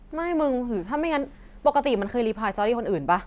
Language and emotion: Thai, frustrated